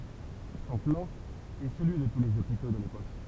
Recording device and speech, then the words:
temple vibration pickup, read sentence
Son plan est celui de tous les hôpitaux de l’époque.

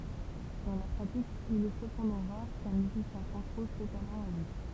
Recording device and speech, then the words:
temple vibration pickup, read sentence
Dans la pratique, il est cependant rare qu'un musicien transpose totalement à vue.

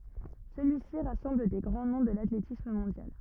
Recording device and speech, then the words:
rigid in-ear microphone, read sentence
Celui-ci rassemble des grands noms de l'athlétisme mondial.

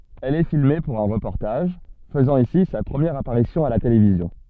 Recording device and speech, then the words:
soft in-ear microphone, read sentence
Elle est filmée pour un reportage, faisant ici sa première apparition à la télévision.

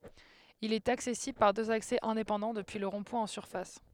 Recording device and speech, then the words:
headset microphone, read sentence
Il est accessible par deux accès indépendants depuis le rond-point en surface.

